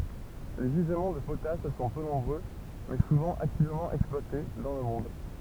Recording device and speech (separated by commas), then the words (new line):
temple vibration pickup, read sentence
Les gisements de potasse sont peu nombreux, mais souvent activement exploités, dans le monde.